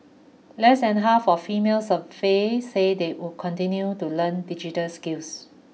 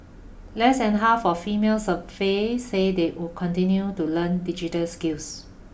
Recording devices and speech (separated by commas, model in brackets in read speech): mobile phone (iPhone 6), boundary microphone (BM630), read sentence